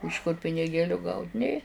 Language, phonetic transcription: Lithuanian, iš kur piniˈgėliu gaut' ˈnė

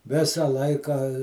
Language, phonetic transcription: Lithuanian, ˈvisa ˈlaika

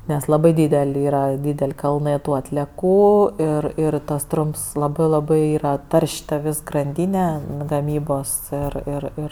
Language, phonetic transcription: Lithuanian, nes laˈbai ˈdydel' ˈyra ˈdydel' ˈkalnɜ ˈtų atlieˈkų ir ˈir tas ˈtrumps ˈlabɜ ˈlabɜ ˈyra ˈtar'š' ta ˈvės granˈdyne gaˈmybos ir ir ˈir

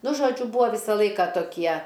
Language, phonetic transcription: Lithuanian, ˈnu žoˈdžiu ˈbūa ˈvysa ˈlaika toˈkie

